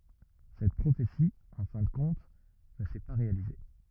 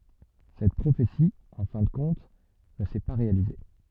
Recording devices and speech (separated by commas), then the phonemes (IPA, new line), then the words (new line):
rigid in-ear microphone, soft in-ear microphone, read sentence
sɛt pʁofeti ɑ̃ fɛ̃ də kɔ̃t nə sɛ pa ʁealize
Cette prophétie, en fin de compte, ne s’est pas réalisée.